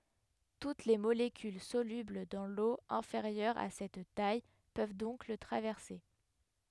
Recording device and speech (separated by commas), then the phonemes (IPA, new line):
headset microphone, read sentence
tut le molekyl solybl dɑ̃ lo ɛ̃feʁjœʁ a sɛt taj pøv dɔ̃k lə tʁavɛʁse